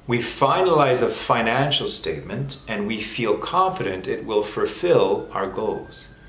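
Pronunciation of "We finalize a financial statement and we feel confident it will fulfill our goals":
The whole sentence is said at real-time speed, not slowed down.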